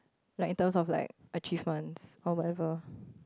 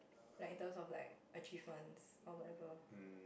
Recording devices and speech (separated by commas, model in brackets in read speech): close-talking microphone, boundary microphone, conversation in the same room